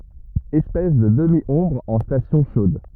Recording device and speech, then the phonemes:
rigid in-ear microphone, read sentence
ɛspɛs də dəmjɔ̃bʁ ɑ̃ stasjɔ̃ ʃod

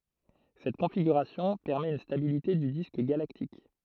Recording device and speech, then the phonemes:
throat microphone, read sentence
sɛt kɔ̃fiɡyʁasjɔ̃ pɛʁmɛt yn stabilite dy disk ɡalaktik

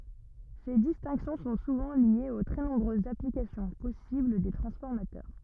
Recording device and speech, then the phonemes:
rigid in-ear microphone, read sentence
se distɛ̃ksjɔ̃ sɔ̃ suvɑ̃ ljez o tʁɛ nɔ̃bʁøzz aplikasjɔ̃ pɔsibl de tʁɑ̃sfɔʁmatœʁ

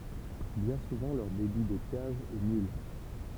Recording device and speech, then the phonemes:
temple vibration pickup, read sentence
bjɛ̃ suvɑ̃ lœʁ debi detjaʒ ɛ nyl

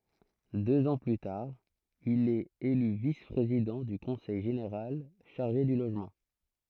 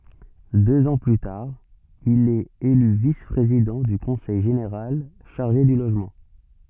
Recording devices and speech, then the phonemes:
throat microphone, soft in-ear microphone, read sentence
døz ɑ̃ ply taʁ il ɛt ely vis pʁezidɑ̃ dy kɔ̃sɛj ʒeneʁal ʃaʁʒe dy loʒmɑ̃

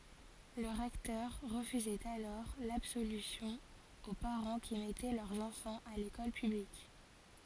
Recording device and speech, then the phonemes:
forehead accelerometer, read sentence
lə ʁɛktœʁ ʁəfyzɛt alɔʁ labsolysjɔ̃ o paʁɑ̃ ki mɛtɛ lœʁz ɑ̃fɑ̃z a lekɔl pyblik

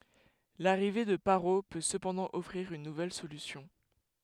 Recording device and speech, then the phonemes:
headset microphone, read sentence
laʁive də paʁo pø səpɑ̃dɑ̃ ɔfʁiʁ yn nuvɛl solysjɔ̃

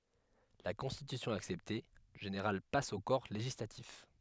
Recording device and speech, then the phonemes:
headset microphone, read sentence
la kɔ̃stitysjɔ̃ aksɛpte lə ʒeneʁal pas o kɔʁ leʒislatif

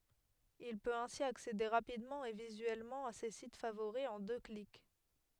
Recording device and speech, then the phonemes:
headset microphone, read sentence
il pøt ɛ̃si aksede ʁapidmɑ̃ e vizyɛlmɑ̃ a se sit favoʁi ɑ̃ dø klik

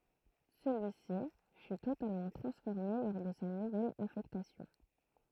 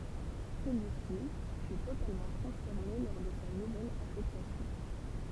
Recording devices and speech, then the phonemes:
throat microphone, temple vibration pickup, read sentence
səlyisi fy totalmɑ̃ tʁɑ̃sfɔʁme lɔʁ də sa nuvɛl afɛktasjɔ̃

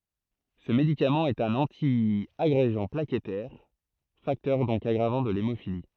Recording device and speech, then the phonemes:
throat microphone, read sentence
sə medikamɑ̃ ɛt œ̃n ɑ̃tjaɡʁeɡɑ̃ plakɛtɛʁ faktœʁ dɔ̃k aɡʁavɑ̃ də lemofili

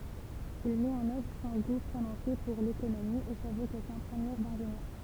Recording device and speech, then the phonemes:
temple vibration pickup, read sentence
il mɛt ɑ̃n œvʁ sɔ̃ ɡu pʁonɔ̃se puʁ lekonomi e sa vokasjɔ̃ pʁəmjɛʁ dɛ̃ʒenjœʁ

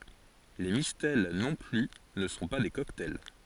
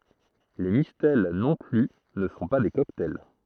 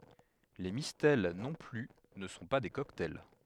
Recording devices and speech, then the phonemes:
forehead accelerometer, throat microphone, headset microphone, read sentence
le mistɛl nɔ̃ ply nə sɔ̃ pa de kɔktaj

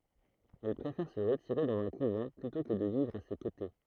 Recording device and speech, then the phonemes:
throat microphone, read sentence
ɛl pʁefɛʁ sə ʁətiʁe dɑ̃z œ̃ kuvɑ̃ plytɔ̃ kə də vivʁ a se kote

